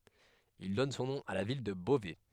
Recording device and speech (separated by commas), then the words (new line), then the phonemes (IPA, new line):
headset microphone, read sentence
Ils donnent son nom à la ville de Beauvais.
il dɔn sɔ̃ nɔ̃ a la vil də bovɛ